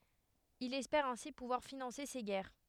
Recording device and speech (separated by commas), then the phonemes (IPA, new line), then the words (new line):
headset microphone, read sentence
il ɛspɛʁ ɛ̃si puvwaʁ finɑ̃se se ɡɛʁ
Il espère ainsi pouvoir financer ses guerres.